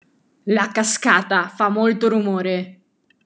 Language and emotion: Italian, angry